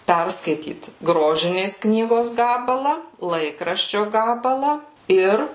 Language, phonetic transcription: Lithuanian, ˈperskaityt ˈgrožinės ˈknygos ˈgabala ˈlaikraščio ˈgabala ˈir

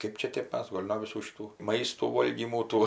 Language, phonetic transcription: Lithuanian, ˈkɜp čia ˈtėp ˈmes ˈgol' no viˈsų šiˈtų ˈmaistų ˈvolgymų ˈtų

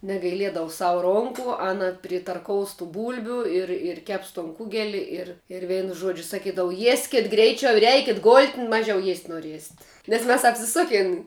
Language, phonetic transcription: Lithuanian, negaiˈliedavu ˈsavu ˈronku ˈana pritarˈkous tu ˈbūlbiu ir ir ˈkeps ton ˈkugeli ir ir ˈveinu ˈžuodžiu saˈkydavu ˈjieskit ˈgreičiau ir ˈeikit golt' ˈmažiau jiest' noˈriesit nes ˈmes apsiˈsukin

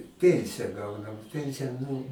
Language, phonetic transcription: Lithuanian, ˈpiensija ˈgaunam ˈpensija ˈnu

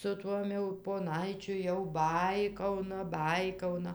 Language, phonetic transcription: Lithuanian, su ˈtuom jau poˈnaičiu jau ˈbaikauna ˈbaikauna

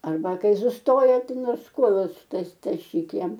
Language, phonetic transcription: Lithuanian, arˈba ˈkai susˈtoja ˈtai ˈnors ˈkuolus tas taˈšyk ˈjam

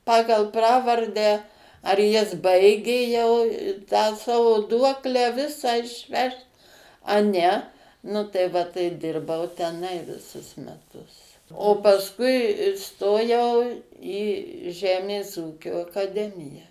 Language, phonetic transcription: Lithuanian, ˈpagal ˈpravardę ar jis ˈbaigė jau tą ˈsavo ˈduoklę ˈvisą išˈvešt a ˈne ˈnu tai ˈva tai ˈdirbau teˈnai viˈsus meˈtus o pasˈkui įˈstojau į ˈžemės ˈūkio akaˈdemija

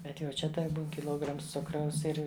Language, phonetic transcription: Lithuanian, ˈbet jau ˈčia tai ˈbūn kiˈlograms ˈcukraus ˈir

